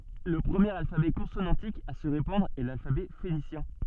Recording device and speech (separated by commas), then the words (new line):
soft in-ear microphone, read sentence
Le premier alphabet consonantique à se répandre est l'alphabet phénicien.